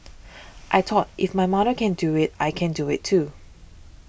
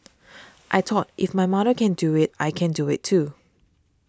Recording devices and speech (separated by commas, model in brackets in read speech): boundary microphone (BM630), standing microphone (AKG C214), read sentence